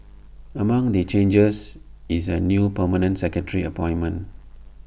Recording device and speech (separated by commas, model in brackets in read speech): boundary microphone (BM630), read sentence